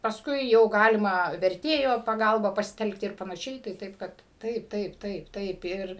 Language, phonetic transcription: Lithuanian, pasˈkui jau ˈgalima verˈtėjo paˈgalba pasiˈtelkti ir panaˈšiai tai ˈtaip ˈkad ˈtaip ˈtaip ˈtaip ˈtaip ir

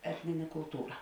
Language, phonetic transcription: Lithuanian, ˈetnine kulˈtūra

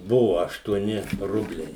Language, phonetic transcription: Lithuanian, ˈbuvo aštuoˈni ˈrubliai

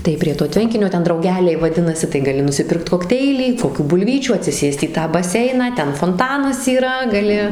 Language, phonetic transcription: Lithuanian, tai prie to ˈtvenkinio ˈten drauˈgeliai vaˈdinasi tai gaˈli nusiˈpirkt kokˈteilį koˈkių bulˈvyčių atsiˈsėst į ˈtą baˈseiną ˈten fonˈtanas yˈra gaˈli

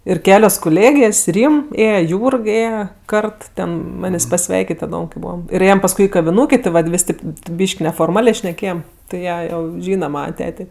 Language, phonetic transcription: Lithuanian, ir ˈkelios kuˈlėgės' ˈrym ˈėje ˈjūrg ˈėje ˈkart ˈten ˈmanės' paˈsveikit' ten taˈdom kai ˈbūvam ir ˈėjem pasˈkui i kaviˈnūkė ti ˈvat ˈvis' ˈtėp ˈbyšk' neforˈmalė šneˈkėjem tai ˈjie ˈjau ˈžyna ˈmana ˈtetė

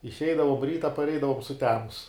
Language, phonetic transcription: Lithuanian, išˈeidavom ˈryta parˈeidavom suˈtemus

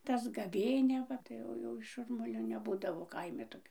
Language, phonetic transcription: Lithuanian, tas gaˈvėnia ˈva tai ˈjau jau ˈšurmulio neˈbūdavo ˈkaimi toˈkio

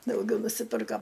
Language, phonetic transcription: Lithuanian, dauˈgiau nusiˈpirka

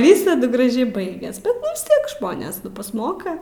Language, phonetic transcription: Lithuanian, ˈvysadu graˈžiai ˈbaigias vis ˈtiek ˈžmonės nu pasˈmoka

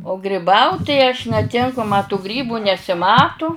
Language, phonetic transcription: Lithuanian, o griˈbaut tai aš neˈtinku ma tu ˈgrybu nesiˈmatu

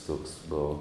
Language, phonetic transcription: Lithuanian, tuoks ˈbovo

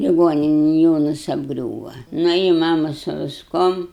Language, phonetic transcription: Lithuanian, liˈgoninen ˈjonas apˈgriūva ˈnu i ˈmama su visˈkuom

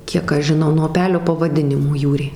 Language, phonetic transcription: Lithuanian, ˈkiek ˈaš žiˈnau nuo uˈpelio pavaˈdinimo ˈjūrė

